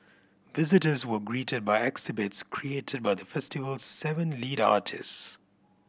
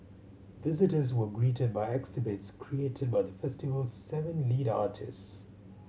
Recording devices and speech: boundary microphone (BM630), mobile phone (Samsung C7100), read sentence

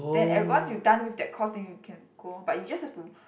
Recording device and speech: boundary microphone, conversation in the same room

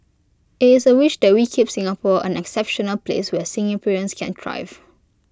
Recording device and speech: close-talking microphone (WH20), read sentence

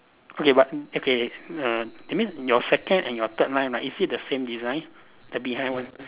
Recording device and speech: telephone, conversation in separate rooms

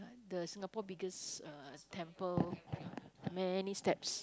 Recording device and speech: close-talking microphone, conversation in the same room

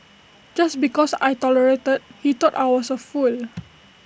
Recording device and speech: boundary microphone (BM630), read sentence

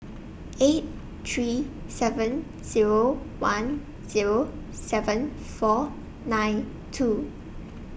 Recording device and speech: boundary microphone (BM630), read sentence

